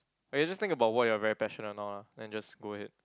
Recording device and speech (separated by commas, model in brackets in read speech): close-talking microphone, conversation in the same room